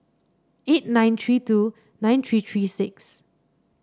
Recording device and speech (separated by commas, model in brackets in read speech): standing microphone (AKG C214), read sentence